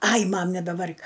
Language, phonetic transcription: Lithuanian, ˈai ˈmam nebeˈvar'k

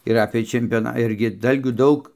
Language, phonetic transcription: Lithuanian, ir ˈapė čempioˈna ˈirgi ˈdalgių ˈdaug

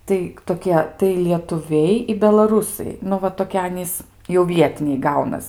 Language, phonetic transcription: Lithuanian, tai toˈkie tai lietuˈviai i belaˈrūsai ˈnu va toˈkie ˈanys jau ˈvietiniai ˈgaunas

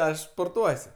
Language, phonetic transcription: Lithuanian, ˈaš sporˈtuos'

